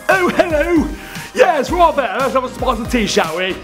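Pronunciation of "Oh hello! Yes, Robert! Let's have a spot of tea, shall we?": The words are spoken in a Queen's English accent.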